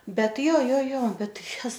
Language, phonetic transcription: Lithuanian, ˈbet ˈjo ˈjo ˈjo ˈbet ˈtai ˈjez

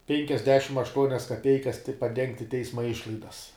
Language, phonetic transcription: Lithuanian, penkiasˈdešim ašˈtuonias kaˈpeikas ti paˈdengti ˈteisma ˈišlaidas

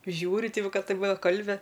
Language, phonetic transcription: Lithuanian, ˈžiūri ˈti ˈva ˈka ˈtaip ˈva ˈkalbi

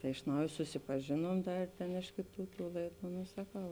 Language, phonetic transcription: Lithuanian, tai iš ˈnauj susipaˈžėnuom ˈdar tėn ˈiš kėˌtų tų ˈlaiˌdų no saˈkau

